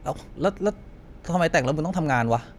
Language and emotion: Thai, frustrated